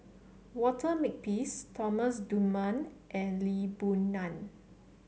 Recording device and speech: mobile phone (Samsung C7), read sentence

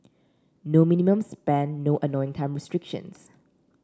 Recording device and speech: standing microphone (AKG C214), read sentence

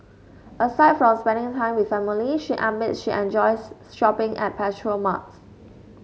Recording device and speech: mobile phone (Samsung S8), read sentence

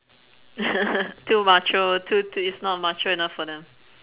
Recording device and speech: telephone, conversation in separate rooms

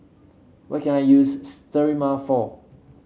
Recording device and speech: mobile phone (Samsung C7), read sentence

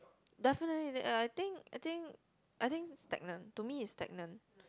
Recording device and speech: close-talking microphone, conversation in the same room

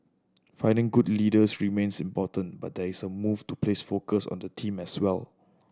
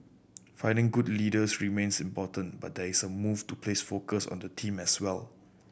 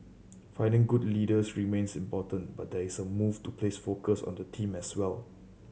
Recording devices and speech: standing microphone (AKG C214), boundary microphone (BM630), mobile phone (Samsung C7100), read sentence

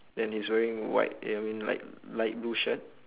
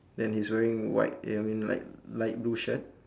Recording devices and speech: telephone, standing microphone, conversation in separate rooms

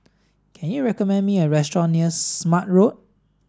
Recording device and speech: standing microphone (AKG C214), read sentence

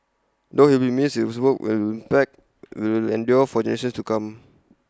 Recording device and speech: close-talking microphone (WH20), read sentence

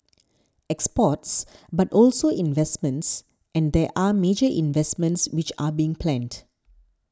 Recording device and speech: standing microphone (AKG C214), read sentence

